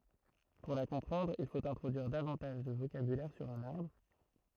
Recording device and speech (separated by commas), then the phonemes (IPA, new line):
throat microphone, read sentence
puʁ la kɔ̃pʁɑ̃dʁ il fot ɛ̃tʁodyiʁ davɑ̃taʒ də vokabylɛʁ syʁ œ̃n aʁbʁ